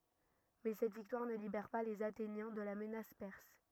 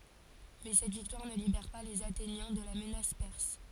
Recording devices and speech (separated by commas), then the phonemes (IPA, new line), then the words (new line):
rigid in-ear microphone, forehead accelerometer, read sentence
mɛ sɛt viktwaʁ nə libɛʁ pa lez atenjɛ̃ də la mənas pɛʁs
Mais cette victoire ne libère pas les Athéniens de la menace perse.